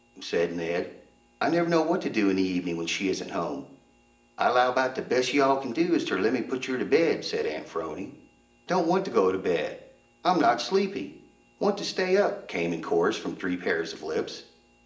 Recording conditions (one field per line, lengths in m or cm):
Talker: one person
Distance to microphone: 1.8 m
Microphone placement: close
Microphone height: 1.0 m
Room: large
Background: none